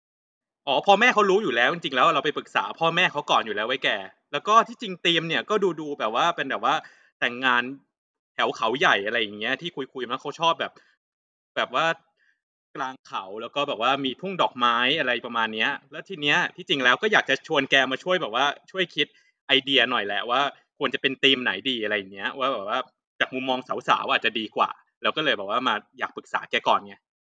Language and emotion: Thai, frustrated